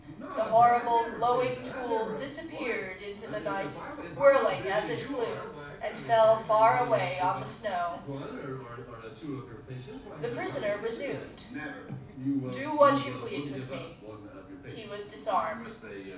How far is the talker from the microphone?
5.8 m.